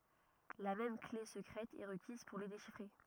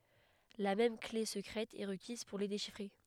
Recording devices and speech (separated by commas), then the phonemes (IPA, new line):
rigid in-ear microphone, headset microphone, read sentence
la mɛm kle səkʁɛt ɛ ʁəkiz puʁ le deʃifʁe